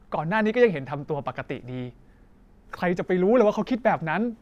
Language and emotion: Thai, angry